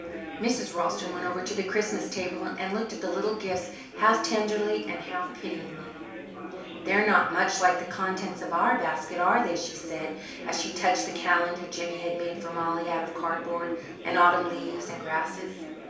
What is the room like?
A small room (about 3.7 m by 2.7 m).